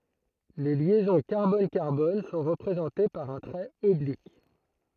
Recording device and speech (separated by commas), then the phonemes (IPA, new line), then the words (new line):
throat microphone, read sentence
le ljɛzɔ̃ kaʁbɔnkaʁbɔn sɔ̃ ʁəpʁezɑ̃te paʁ œ̃ tʁɛt ɔblik
Les liaisons carbone-carbone sont représentées par un trait oblique.